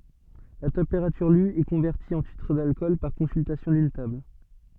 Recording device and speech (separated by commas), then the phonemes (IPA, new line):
soft in-ear microphone, read sentence
la tɑ̃peʁatyʁ ly ɛ kɔ̃vɛʁti ɑ̃ titʁ dalkɔl paʁ kɔ̃syltasjɔ̃ dyn tabl